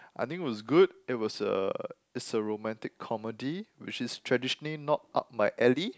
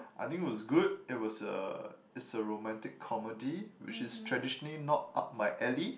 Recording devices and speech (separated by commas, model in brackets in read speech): close-talking microphone, boundary microphone, conversation in the same room